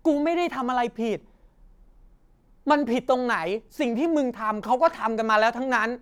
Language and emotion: Thai, angry